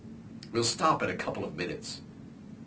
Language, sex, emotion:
English, male, neutral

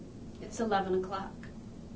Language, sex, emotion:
English, female, neutral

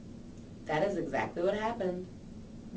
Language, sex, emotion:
English, female, neutral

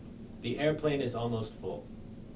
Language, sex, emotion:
English, male, neutral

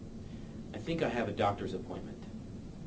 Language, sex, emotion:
English, male, neutral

